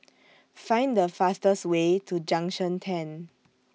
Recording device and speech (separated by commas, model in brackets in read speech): mobile phone (iPhone 6), read sentence